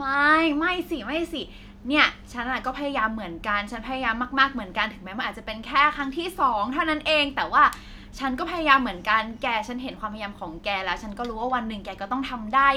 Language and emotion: Thai, happy